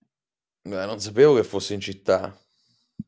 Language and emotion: Italian, surprised